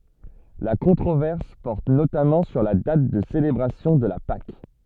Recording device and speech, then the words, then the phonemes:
soft in-ear microphone, read sentence
La controverse porte notamment sur la date de célébration de la Pâques.
la kɔ̃tʁovɛʁs pɔʁt notamɑ̃ syʁ la dat də selebʁasjɔ̃ də la pak

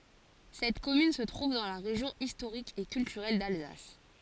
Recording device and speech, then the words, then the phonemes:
forehead accelerometer, read sentence
Cette commune se trouve dans la région historique et culturelle d'Alsace.
sɛt kɔmyn sə tʁuv dɑ̃ la ʁeʒjɔ̃ istoʁik e kyltyʁɛl dalzas

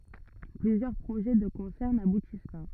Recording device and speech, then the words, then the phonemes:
rigid in-ear microphone, read sentence
Plusieurs projets de concerts n'aboutissent pas.
plyzjœʁ pʁoʒɛ də kɔ̃sɛʁ nabutis pa

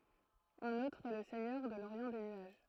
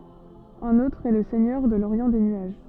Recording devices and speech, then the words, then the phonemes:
throat microphone, soft in-ear microphone, read sentence
Un autre est le Seigneur de l'Orient des nuages.
œ̃n otʁ ɛ lə sɛɲœʁ də loʁjɑ̃ de nyaʒ

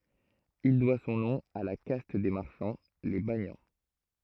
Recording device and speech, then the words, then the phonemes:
throat microphone, read sentence
Il doit son nom à la caste des marchands, les banians.
il dwa sɔ̃ nɔ̃ a la kast de maʁʃɑ̃ le banjɑ̃

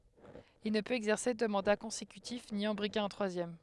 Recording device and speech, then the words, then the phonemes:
headset microphone, read sentence
Il ne peut exercer deux mandats consécutifs ni en briguer un troisième.
il nə pøt ɛɡzɛʁse dø mɑ̃da kɔ̃sekytif ni ɑ̃ bʁiɡe œ̃ tʁwazjɛm

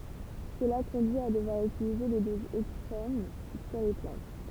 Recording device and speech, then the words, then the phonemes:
temple vibration pickup, read sentence
Cela conduit à devoir utiliser des doses extrêmes sur les plantes.
səla kɔ̃dyi a dəvwaʁ ytilize de dozz ɛkstʁɛm syʁ le plɑ̃t

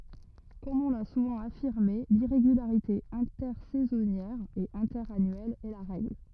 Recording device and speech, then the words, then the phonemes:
rigid in-ear microphone, read sentence
Comme on l'a souvent affirmé, l'irrégularité intersaisonnière et interannuelle est la règle.
kɔm ɔ̃ la suvɑ̃ afiʁme liʁeɡylaʁite ɛ̃tɛʁsɛzɔnjɛʁ e ɛ̃tɛʁanyɛl ɛ la ʁɛɡl

